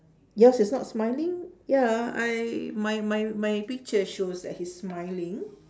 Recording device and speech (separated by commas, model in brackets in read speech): standing microphone, conversation in separate rooms